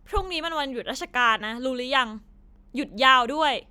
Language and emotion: Thai, angry